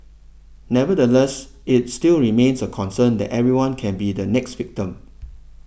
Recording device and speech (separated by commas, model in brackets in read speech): boundary microphone (BM630), read sentence